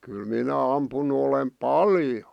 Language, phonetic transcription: Finnish, kyl 'minä 'ampun̆nu olem "paljo .
- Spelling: kyllä minä ampunut olen paljon

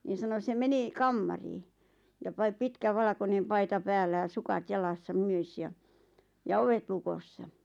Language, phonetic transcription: Finnish, niin̬ sano sem 'meni , "kammarii , ja 'pai- 'pitkä 'valᵃkonem 'paita 'päällä ja 'sukat 'jalassa 'myös ja , ja "ovet 'lukossa .
- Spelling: niin sanoi se meni kamariin ja - pitkä valkoinen paita päällä ja sukat jalassa myös ja ja ovet lukossa

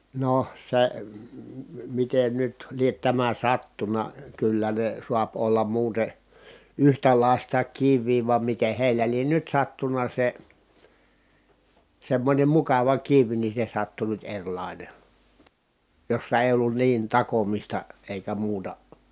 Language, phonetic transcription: Finnish, no , se , miten nyt liet tämä sattuna , kyllä ne suap ollam muute , yhtälài̮sta kiv̆vii vam miteh heilä lien nyt sattuna se , semmońem mukava kiv ni se sattu nyt eŕlàine , jossa èi̮ ollun niin takomista , èikä muuta .
- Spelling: no se miten nyt lie tämä sattunut kyllä ne saa olla muuten yhtäläistä kiveä vaan miten heillä lie nyt sattunut se semmoinen mukava kivi niin se sattui nyt erilainen jossa ei ollut niin takomista eikä muuta

